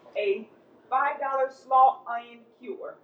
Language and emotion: English, happy